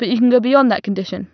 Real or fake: real